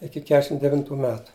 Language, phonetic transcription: Lithuanian, ˈiki ˈkešim deˈvintu ˈmetu

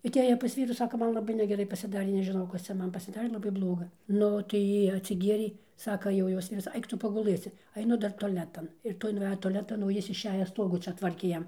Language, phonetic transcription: Lithuanian, aˈtėja pas ˈvyrų ˈsaka ˈman laˈbai negeˈrai pasiˈdarė nežiˈnau ˈkas cia ˈman pasiˈdarė laˈbai ˈbloga ˈnu tai ˈjy atsiˈgierė ˈsaka jau ˈjos ti viˈsai ˈaik ˈtu paguˈlɘsi aiˈnu ˈdar toˈletan ir ˈtoj nuˈvejo toˈletan o ˈjis išˈeja ˈstogų ˈčia ˈtvarkė ˈjam

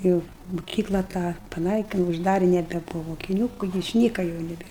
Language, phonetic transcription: Lithuanian, ˈjau muˈkykla tą paˈnaikinu užˈdari nebeˈbuva mokiˈnių išˈnyka jau neˈbėr

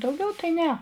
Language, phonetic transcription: Lithuanian, dauˈgiau tai ˈne

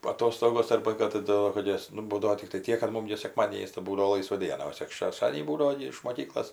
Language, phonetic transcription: Lithuanian, aˈtostogos ˈarba kad taˈdu kad ˈjas nu ˈbūdavo tikˈtai ˈtiek kad ˈmum gi seˈkmadienis tai ˈbūdavo ˈlaisva ˈdiena o tik šešˈtadienį ˈbūdavo gi iš moˈkyklos

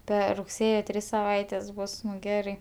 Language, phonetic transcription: Lithuanian, ˈper rugˈsėjo ˈtris saˈvaites ˈbus ˈgerai

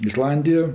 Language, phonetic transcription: Lithuanian, iˈslandijo

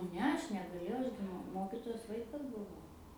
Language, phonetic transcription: Lithuanian, ˈne ˈaš negaˈlėjau ˈaš gi mu ˈmokitojos ˈvaikas buˈvau

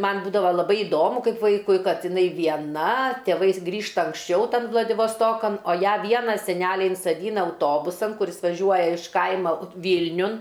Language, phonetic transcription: Lithuanian, ˈman ˈbūdava laˈbai iˈdomu ˈkaip ˈvaikui ˈkad iˈnai vieˈna tėˈvais ˈgrįžta anksˈčiau ˈtan vladivasˈtokan o ˈją ˈviena seˈneliai insaˈdyna auˈtobusan kuˈris vaˈžiuoja iš ˈkaima ˈvylniun

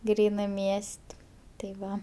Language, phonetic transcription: Lithuanian, ˈgrynɜ ˈmies't' tai ˈva

